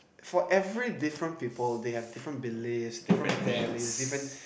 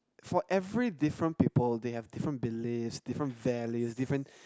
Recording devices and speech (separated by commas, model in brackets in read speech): boundary microphone, close-talking microphone, conversation in the same room